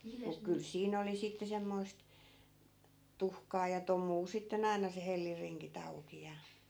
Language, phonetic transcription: Finnish, muk kyl 'siin ‿oli sitte 'semmoist , "tuhkaa ja "tom̆muu sitte'n ‿ai̮na se 'hellirriŋki't ‿auki ja .
- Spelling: mutta kyllä siinä oli sitten semmoista tuhkaa ja tomua sitten aina se hellinringit auki ja

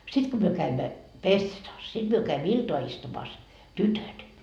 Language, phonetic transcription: Finnish, 'sit ko myö käimmä , "pessetaas , 'sit myö käimmö "iltoa 'istumaas , "tytöt .
- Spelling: sitten kun me kävimme pessetassa sitten me kävimme iltaa istumassa tytöt

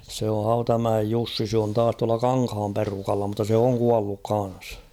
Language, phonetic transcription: Finnish, se o 'Hautamäej 'Jussi se on 'taas tuala "Kaŋkham 'perukalla mutta 'se oŋ "kualluk 'kan̬s .
- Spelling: se on Hautamäen Jussi se on taas tuolla Kankaan perukalla mutta se on kuollut kanssa

